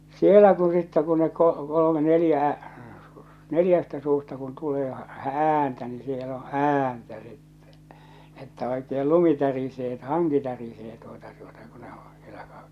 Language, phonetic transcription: Finnish, sielä ku sittä ku ne ko- kolome 'nelⁱjä , 'neljästä suusta kun tulee , "ääntä ni siel ‿o "ääntä sittᴇ , että oekeel 'lumi tärisee et 'haŋki tärisee tuota tuota kᴜ ɴᴇ ᴏ sɪᴇʟʟᴀ̈ (kᴀ-) .
- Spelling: siellä kun sitten kun ne - kolme neljä neljästä suusta kun tulee ääntä niin siellä on ääntä sitten että oikein lumi tärisee että hanki tärisee tuota tuota kun ne on siellä -

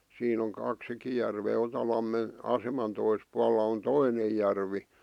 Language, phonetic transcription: Finnish, siin ‿oŋ 'kaksikij järvee 'Otalammen , 'aseman tois pualla on 'toinej järvi .
- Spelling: siinä on kaksikin järveä Otalammen aseman toisella puolella on toinen järvi

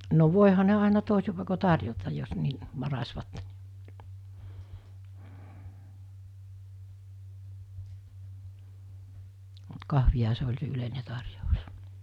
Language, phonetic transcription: Finnish, no 'vòeha ne àena 'tòesi pàeko 'tarjotaj jos ni , 'varasvat , mut 'kahviha se oĺ se 'yleine 'tarjous .
- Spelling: no voihan ne aina toisin paikoin tarjota jos niin varasivat mutta kahvihan se oli se yleinen tarjous

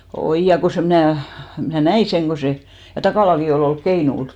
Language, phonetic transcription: Finnish, "oij ja ko se , mⁱnä̀ , mnä̀ "näi seŋ ko 'se , ja 'Takàlaki olì olk "keinul .
- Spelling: oi ja kun se minä minä näin sen kun se ja Takalakin oli ollut keinulla

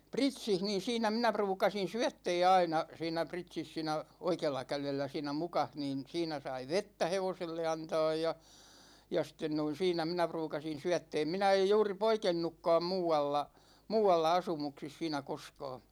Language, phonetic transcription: Finnish, 'Pritsih niin̬ "siinä 'minä 'pruukasin̬ "syättɛɛ aina , 'siin̆nä 'Pritsis siinä , 'oikeella 'kälellä siinä "mukah niin̬ , 'siinä sai "vettä 'hevoselle 'antaaj ja , ja 'sĭt̆ten noin 'siinä minä 'pruukasin̬ 'syättɛɛm 'minä ej 'juuri "poikennukkaam 'muu₍alla , "muu₍alla 'asumuksis 'siinä 'koskaa .
- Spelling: Pritsissä niin siinä minä ruukasin syöttää aina siinä Pritsissä siinä oikealla kädellä siinä mukassa niin siinä sai vettä hevoselle antaa ja ja sitten noin siinä minä ruukasin syöttää minä en juuri poikennutkaan muualla muualla asumuksissa siinä koskaan

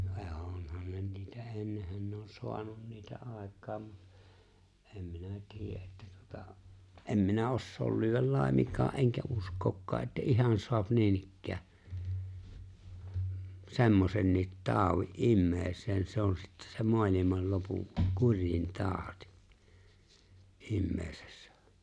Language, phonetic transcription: Finnish, (ne) 'oonhan ne niitä 'ennehän ne on 'soanun niitä '’àek̆kaam mu(t) , "em 'minä 'tiijä’ ’että tuᵒta , '’em 'minä "’ossool lyywäl "làemiŋk̀aa’ ’eŋkä 'usk̀ookkaa’ ’että "’ihan so̭ap 'niinikkää , "se̬mmosenniit "taaᵒwi’ "’imme̬e̬ⁱseen se̬ on sittᴀ̈ sem "moalimal 'lopuŋ , "kuŕj̆in "taaᵒtɪ , "’imme̬e̬sᴇssᴀ̈ .
- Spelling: niin onhan ne niitä ennenhän ne on saanut niitä aikaan mutta en minä tiedä että tuota en minä osaa lyödä laiminkaan enkä uskokaan että ihan saa niinikään semmoisenkin taudin ihmiseen se on sitten sen maailman lopun kurjin tauti ihmisessä

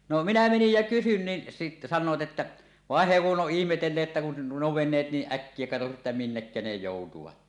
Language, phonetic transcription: Finnish, no minä menij jä 'kysyn nin , si- 'san̆noot 'että , 'vàen he kuˀ ˀoˀ 'ˀihmetelleet 'ᵉttä kun nuo , 'ven̆neet niiˀ "ˀäkkie katosi että "minnekkä ne 'jòutuvat .
- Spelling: no minä menin ja kysyin niin - sanoivat että vaan he kun on ihmetelleet että kun nuo veneet niin äkkiä katosi että minnekä ne joutuivat

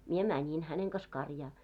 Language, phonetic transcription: Finnish, mie "mäńin 'häneŋ kas 'karjaa .
- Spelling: minä menin hänen kanssa karjaan

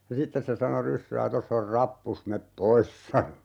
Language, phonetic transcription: Finnish, ja "sittes se 'sano "ryssää » 'toss ‿or "rappus 'mep "pois » sano .
- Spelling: ja sitten se sanoi ryssää tuossa on rappusi mene pois sanoi

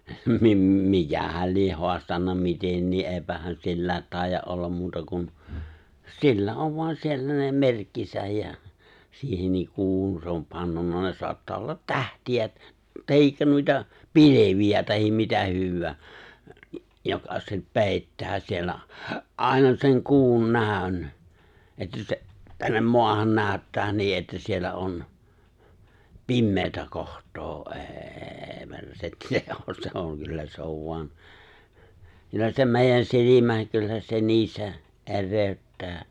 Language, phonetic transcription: Finnish, 'mim- 'mikähäl 'lieʰ 'hoastanna 'mitennii’ '’èipähän 'silläät 'tàijja’ ’ollam 'muuta kun , 'sillä 'ov voan 'siellä ne 'merkkisäj jä , 'siihenniik 'kuuhun se om 'pannunna ne 'soattaa ollat "tähti₍ä , 'tahikka nuita , "pilevi₍ä tahim 'mitä 'hywwää , joka 'sep , 'pèittää siellä , '’àena 'seŋ 'ku̬un 'nä̀ön , 'että se , 'tännem "moahan 'nääᵒ̈ttää 'ni ’että siellä '’on , "pimmeetä 'koht̀oo '’ê̬ 'persetti 'se ‿o se ‿oŋ 'kyllä se ov voan , 'kyllä se 'mèijän 'silimään̬ 'kyllä se 'nii 'se , '’er̆rèy̬̬ttää .
- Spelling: - mikähän lie haastanut mitenkin eipähän sillä taida olla muuta kuin sillä on vain siellä ne merkkinsä ja siihenkin kuuhun se on pannut ne saattaa olla tähtiä tai noita pilviä tai mitä hyvänsä joka se peittää siellä aina sen kuun näön että se tänne maahan näyttää niin että siellä on pimeää kohtaa ei persetti se on se on kyllä se on vain kyllä se meidän silmään kyllä se niin se erehdyttää

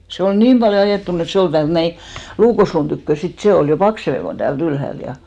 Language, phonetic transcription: Finnish, se ol "niim ʙaljo "ajèttun ‿et 'se ol täält 'näi , 'luukosluun tykkö 'sit se 'ol jo "pakseve kon tääl't ‿ylhält ja .
- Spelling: se oli niin paljon ajettunut että se oli täältä näin luukosluun tyköä sitten se oli jo paksumpi kuin täältä ylhäältä ja

